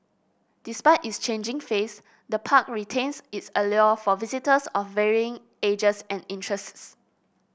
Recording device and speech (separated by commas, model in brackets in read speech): boundary microphone (BM630), read sentence